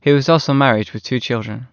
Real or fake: real